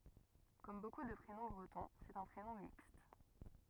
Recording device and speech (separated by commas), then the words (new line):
rigid in-ear microphone, read sentence
Comme beaucoup de prénoms bretons, c'est un prénom mixte.